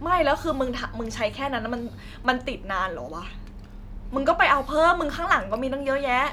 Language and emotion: Thai, angry